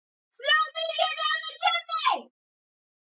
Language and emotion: English, neutral